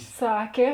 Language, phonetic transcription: Lithuanian, ˈsakė

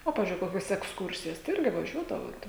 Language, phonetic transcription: Lithuanian, o ˈpavizdžiui ˈkokios eksˈkursijos tai ˈirgi vaˈžiuodavot

